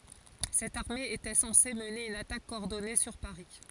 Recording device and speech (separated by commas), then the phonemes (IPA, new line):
forehead accelerometer, read sentence
sɛt aʁme etɛ sɑ̃se məne yn atak kɔɔʁdɔne syʁ paʁi